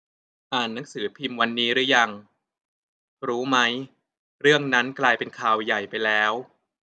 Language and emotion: Thai, neutral